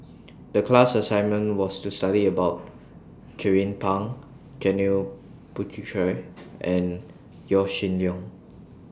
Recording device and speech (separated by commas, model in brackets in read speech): standing microphone (AKG C214), read sentence